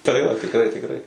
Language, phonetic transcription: Lithuanian, tai ˈjo tikˈrai tikˈrai

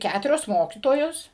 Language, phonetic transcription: Lithuanian, ˈkæturios ˈmokytojos

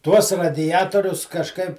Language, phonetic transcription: Lithuanian, ˈtuos radiˈjatorius kažˈkaip

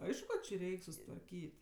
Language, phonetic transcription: Lithuanian, ˈaišku ka či ˈreik' susitvarˈkyt'

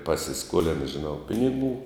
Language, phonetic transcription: Lithuanian, pasiˈskuolina žiˈnau ˈpiniˌgų

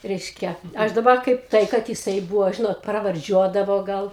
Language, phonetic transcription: Lithuanian, ˈreiškia ˈaš daˈba ˈkaip ˈtai kad jiˈsai ˈbuvo ˈžinot pravarˈdžiuodavo ˈgal

